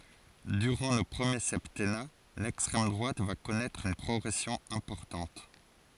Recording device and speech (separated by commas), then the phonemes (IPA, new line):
forehead accelerometer, read sentence
dyʁɑ̃ lə pʁəmje sɛptɛna lɛkstʁɛm dʁwat va kɔnɛtʁ yn pʁɔɡʁɛsjɔ̃ ɛ̃pɔʁtɑ̃t